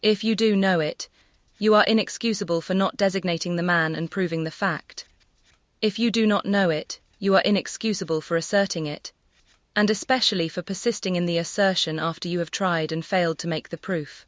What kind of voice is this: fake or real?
fake